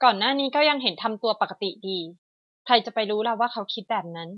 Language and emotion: Thai, neutral